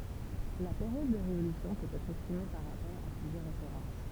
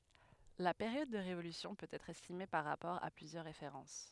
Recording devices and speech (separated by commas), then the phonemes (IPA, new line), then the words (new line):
temple vibration pickup, headset microphone, read sentence
la peʁjɔd də ʁevolysjɔ̃ pøt ɛtʁ ɛstime paʁ ʁapɔʁ a plyzjœʁ ʁefeʁɑ̃s
La période de révolution peut être estimée par rapport à plusieurs références.